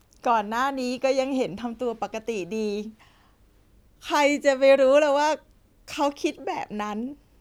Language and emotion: Thai, happy